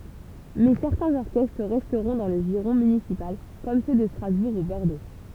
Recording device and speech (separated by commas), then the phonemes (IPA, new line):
temple vibration pickup, read sentence
mɛ sɛʁtɛ̃z ɔʁkɛstʁ ʁɛstʁɔ̃ dɑ̃ lə ʒiʁɔ̃ mynisipal kɔm sø də stʁazbuʁ u bɔʁdo